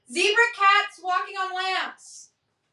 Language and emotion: English, neutral